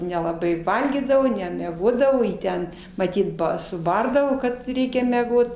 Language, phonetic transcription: Lithuanian, nelaˈbai ˈvalgydavo nemeˈgodavo ˈjį ˈten maˈtyt ˈba suˈbardavo kad ˈreikia meˈgot

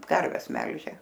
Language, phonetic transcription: Lithuanian, ˈkarves ˈmelžė

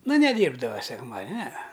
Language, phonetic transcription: Lithuanian, ˈnu neˈdyrbdava sekˈmadin' nee

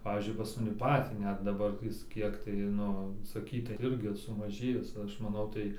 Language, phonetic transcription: Lithuanian, ˈpavyzdžiui pas maˈni ˈpatį ˈnet daˈbar ˈjis ˈkiek tai ˈnu saˈkytai ˈirgi sumaˈžėjis ˈaš maˈnau tai

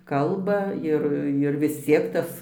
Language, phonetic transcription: Lithuanian, ˈkalba ˈir ir vis ˈciek ˈtas

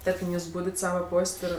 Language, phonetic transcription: Lithuanian, ˈtarkim ˈjūs ˈbūdit ˈsava ˈpos't' ir

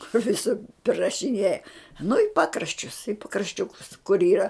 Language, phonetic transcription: Lithuanian, kur viˈsur prirašiˈnėja nu i ˈpakraščius i pakrašˈčiukus kur ˈyra

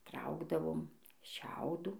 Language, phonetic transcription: Lithuanian, ˈtraukdavom ˈšiaudų

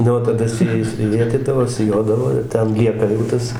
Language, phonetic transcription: Lithuanian, ˈnu o taˈda su ˈjais ˈvėtydavo siˈjodavo ir ˈten ˈlieka jau ˈtas

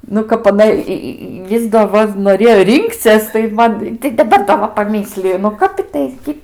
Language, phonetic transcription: Lithuanian, nu ˈkap aˈna i ˈi ˈis do ˈva noˈrėjo ˈrinkcies tai ˈman tai daˈbar da ˈva paˈmisliju nu ˈkap ˈitai gi

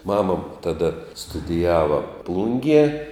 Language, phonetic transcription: Lithuanian, ˈmama taˈda studiˈjava ˈplungie

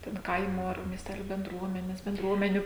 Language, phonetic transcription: Lithuanian, ten ˈkaimo ar miesˈteliu benˈdruomenes benˈdruomeniu

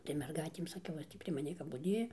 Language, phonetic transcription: Lithuanian, tai merˈgaitėm saˈkiau ˈjos tį prie maˈnį kap buˈdėja

